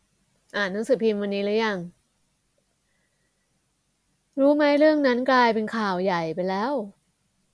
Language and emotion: Thai, frustrated